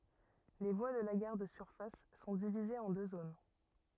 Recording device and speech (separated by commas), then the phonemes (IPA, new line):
rigid in-ear microphone, read sentence
le vwa də la ɡaʁ də syʁfas sɔ̃ divizez ɑ̃ dø zon